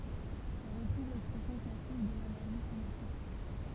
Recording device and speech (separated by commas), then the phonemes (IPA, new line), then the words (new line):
temple vibration pickup, read sentence
ɔ̃ ʁətʁuv lɛkspʁɛsjɔ̃ klasik də lenɛʁʒi sinetik
On retrouve l'expression classique de l'énergie cinétique.